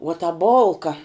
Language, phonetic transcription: Lithuanian, uo ta ˈbolka

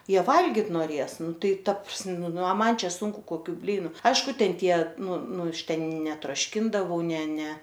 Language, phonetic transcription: Lithuanian, ˈjie ˈvalgit noˈrės ˈnu ˈtai ˈta pras ˈnu a ˈman ˈčia ˈsunku koˈkių ˈblynu ˈaišku ˈten ˈtie ˈnu ˈnu ˈaš ˈten netrošˈkindavau ˈne ˈne

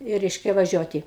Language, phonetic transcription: Lithuanian, i ˈreiškia vaˈžiuoti

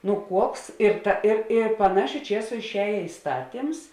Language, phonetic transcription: Lithuanian, nu ˈkuoks ir ˈta ir i paˈnašiu ˈčiesu išˈējė iˈstatims

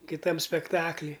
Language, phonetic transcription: Lithuanian, kiˈtam spekˈtakly

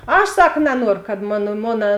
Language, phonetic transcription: Lithuanian, ˈaš ˈsak naˈnuoru kad ˈmona ˈmona

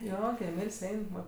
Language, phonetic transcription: Lithuanian, ˈjo gi emyl's' ˈein ˈva

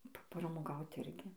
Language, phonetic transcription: Lithuanian, papramoˈgaut ˈirgi

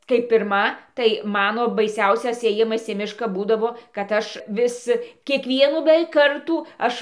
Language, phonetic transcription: Lithuanian, kai pirˈma tai ˈmano baiˈsiausias ėˈjimas į ˈmiška ˈbūdavo kad ˈaš ˈvis kiekˈvienų beˈveik ˈkartų ˈaš

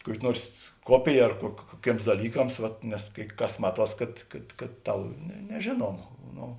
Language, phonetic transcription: Lithuanian, ˈkuoki ˈnuors ˈkuopija ar kuo kuoˈkėms daˈlykams vat nes kai ˈkas ˈmaˌtuos ˈkad kad kad ˈtau ne neˈžėnuoma ˈno

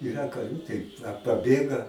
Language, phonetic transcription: Lithuanian, iˈra kaˈrių tai a paˈbėga

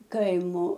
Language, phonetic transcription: Lithuanian, ˈkaimo

